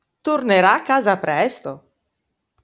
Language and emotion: Italian, happy